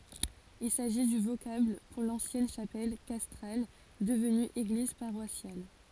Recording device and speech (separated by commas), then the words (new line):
forehead accelerometer, read sentence
Il s'agit du vocable pour l'ancienne chapelle castrale devenue église paroissiale.